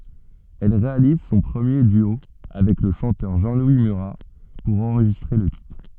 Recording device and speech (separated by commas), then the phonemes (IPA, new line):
soft in-ear microphone, read sentence
ɛl ʁealiz sɔ̃ pʁəmje dyo avɛk lə ʃɑ̃tœʁ ʒɑ̃lwi myʁa puʁ ɑ̃ʁʒistʁe lə titʁ